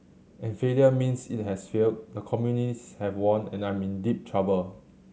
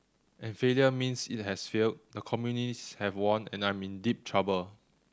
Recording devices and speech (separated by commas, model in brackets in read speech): mobile phone (Samsung C7100), standing microphone (AKG C214), read sentence